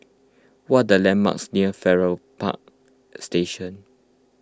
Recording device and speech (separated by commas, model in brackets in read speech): close-talking microphone (WH20), read sentence